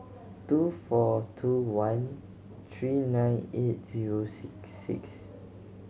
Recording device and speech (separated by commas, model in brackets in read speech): mobile phone (Samsung C7100), read sentence